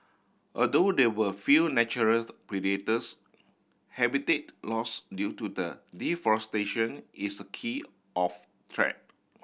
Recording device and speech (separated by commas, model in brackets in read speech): boundary microphone (BM630), read sentence